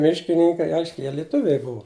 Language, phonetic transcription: Lithuanian, ˈmiškininkai ˈaiškiai ˈjie liˈtuviai ˈbuvu

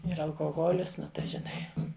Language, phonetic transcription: Lithuanian, ˈir alkoˈholis ˈnu tai žiˈnai

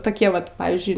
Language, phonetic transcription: Lithuanian, toˈkie ˈvat ˈpavyzdžiui

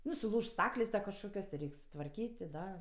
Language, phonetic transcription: Lithuanian, ˈnu suˈlūžt ˈstaklės' ta kažˈkokios ti ˈreik' sutvarˈkyt' ti ˈda

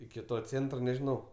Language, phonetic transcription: Lithuanian, iki ˈto ˈcėntro nežiˈnau

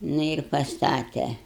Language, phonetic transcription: Lithuanian, ˈnu ir pasˈtate

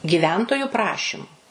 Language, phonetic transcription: Lithuanian, giˈventoju ˈprašimu

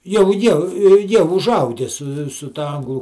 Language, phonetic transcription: Lithuanian, jau ˈjie ˈjie užˈauge su su ˈta ˈanglu

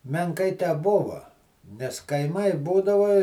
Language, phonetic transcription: Lithuanian, menˈkai teˈbuva nes kaiˈmai ˈbūdava

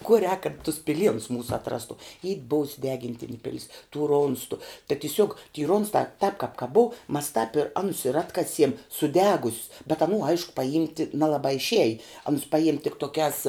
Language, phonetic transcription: Lithuanian, kuo rēk kad tus piˈlienus ˈmūsu atˈrastu y ˈbuus' suˈdegintinė ˈpilis tų ˈronstu ta tiˈsiuog ty ˈronstā tāp kāp ka ˈbuu mas tap i ˈanus ir ˈatkasiem suˈdegus's bet aˈnų ˈaišku paˈjimti ˈnelabā išˈieji ˈanus ˈpajim' tik toˈkiās

